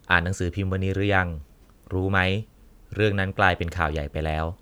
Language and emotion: Thai, neutral